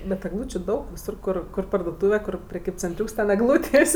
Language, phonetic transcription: Lithuanian, bet egˈlūčiu 'daug viˈsur ˈkur kur parduoˈtūve kur preˈkybcenˌtriūks ten egˈlūtės'

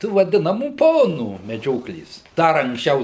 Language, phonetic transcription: Lithuanian, ˈtų vaˈdinamų ˈponų meˈdžioklės ˈdar anksˈčiau

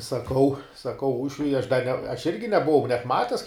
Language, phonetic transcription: Lithuanian, saˈkau saˈkau ˈūšviui aš da ne aš ˈirgi nebuˈvau net ˈmates

